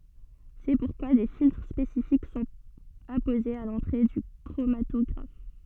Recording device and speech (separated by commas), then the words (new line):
soft in-ear microphone, read sentence
C'est pourquoi des filtres spécifiques sont apposés à l'entrée du chromatographe.